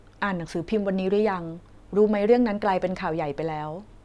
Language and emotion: Thai, neutral